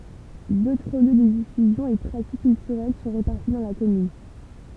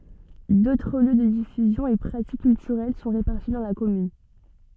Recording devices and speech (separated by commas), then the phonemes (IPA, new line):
temple vibration pickup, soft in-ear microphone, read sentence
dotʁ ljø də difyzjɔ̃ e pʁatik kyltyʁɛl sɔ̃ ʁepaʁti dɑ̃ la kɔmyn